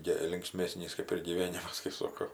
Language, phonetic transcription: Lithuanian, ˈgi linkˈsmėsnys kaip ir gyˈvėnimas kai ˈsoko

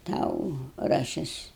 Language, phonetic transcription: Lithuanian, ˈtau raˈšis

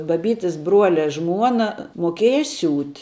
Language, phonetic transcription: Lithuanian, baˈbytis ˈbruole ˈžmuona moˈkieja ˈsiūt'

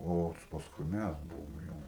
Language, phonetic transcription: Lithuanian, o pasˈkui ˈmæs ˈbuvom ˈjau

